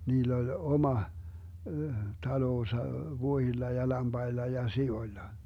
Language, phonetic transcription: Finnish, 'niill ‿oĺ 'oma , 'taloosa , 'vuohilla ja 'lamBailla ja 'si₍oⁱlla .
- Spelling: niillä oli oma talonsa vuohilla ja lampailla ja sioilla

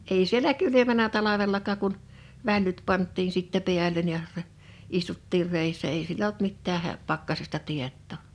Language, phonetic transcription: Finnish, 'ei sielä 'kylymänä 'talavellakaak kun , 'vällyt 'pant̆tiin sittä 'piäl̀en ja rɛ- , 'istuttiir 'rèissä èi siel ‿olt 'mittää hä- , 'pakkasesta 'tiettò .
- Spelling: ei siellä kylmännnyt talvellakaan kun vällyt pantiin sitten päälle ja - istuttiin reessä ei siellä ollut mitään - pakkasesta tietoa

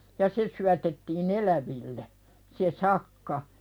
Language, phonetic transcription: Finnish, ja 'se syätettii"n ‿eläville , se "sakka .
- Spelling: ja se syötettiin eläville se sakka

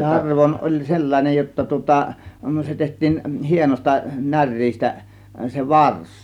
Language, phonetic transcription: Finnish, 'tarvon oĺ "sellan͕ej jotta tŭŏta , 'se 'teht̆tiin , 'hienośta "näŕ̆riistä , 'se "vars .
- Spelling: tarvoin oli sellainen jotta tuota se tehtiin hienosta näreestä se varsi

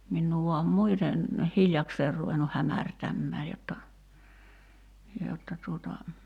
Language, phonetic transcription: Finnish, 'minnuu vuam ("muiten) , "hiljakseer ruvennuh 'hämärtämmää jotta , 'jotta tuota ,.
- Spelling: minua vain muuten hiljakseen ruvennut hämärtämään jotta jotta tuota

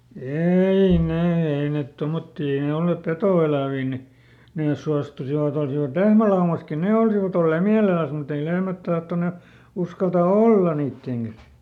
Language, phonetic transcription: Finnish, "ei ˈnee "ei ˈnet ˈtomottii ˈei ne ˈollèp "petò₍ˈelä̀vii ni , ˈnès suastusivaˈt ‿olsivat "lehmälaumaski "ne olsivat ‿ollee "miäleläs mut ‿ei ˈlehmät tahtone , ˈuskalta "olla niitteŋ kas .
- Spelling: ei ne ei ne tuommoisia ei ne olleet petoeläviä niin ne suostuisivat olisivat lehmälaumassakin ne olisivat olleet mielellään mutta ei lehmät tahtoneet uskaltaa olla niiden kanssa

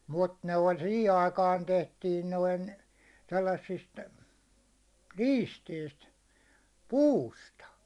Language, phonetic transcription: Finnish, mut ne oĺ 'sihi aikaan 'tentiin noin , sellassist , "liisteist , "puusta .
- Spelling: mutta ne oli siihen aikaan tehtiin noin sellaisista liisteistä puusta

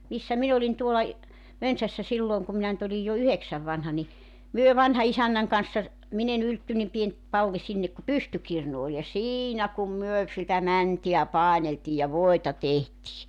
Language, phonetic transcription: Finnish, 'missä 'min ‿olin tuola ‿j- , 'Mönsässä 'sillooŋ kum minä nyt ‿olij jo "yheksäv vanha ni , 'myö 'vanha₍isännäŋ kanssa , 'min ‿e'n ‿yltty- nim 'pien , 'palli sinnek ku "pystykirnu ol ja "siinä kum 'myö , sitä "mäntiä "pàeneltii ja "voita "tehtii .
- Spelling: missä minä olin tuolla - Mönsässä silloin kun minä nyt olin jo yhdeksän vanha niin me vanhanisännän kanssa minä en - niin pieni palli sinne kun pystykirnu oli ja siinä kun me sitä mäntää paineltiin ja voita tehtiin

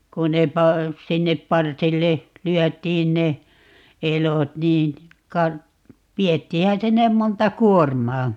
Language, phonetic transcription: Finnish, 'ku ne 'pa- , 'sinnep "parsille , 'lyɔ̈̀t̀iin ne , "elot niin , 'ka- , 'viettiihä 'sinnem 'monta "kuormaa .
- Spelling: kun ne - sinne parsille lyötiin ne elot niin - vietiinhän sinne monta kuormaa

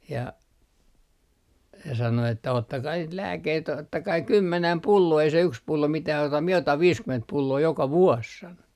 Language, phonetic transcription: Finnish, ja , se sano että » 'ottakai niit "lääkkeit 'ottakai "kymmenäm "pulloo ei se 'yks 'pullo mitäh auta mie otam "viiskyment 'pulloo 'joka "vuos » 'sano .
- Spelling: ja se sanoi että ottakaa niitä lääkkeitä ottakaa kymmenen pulloa ei se yksi pullo mitään auta minä otan viisikymmentä pulloa joka vuosi sanoi

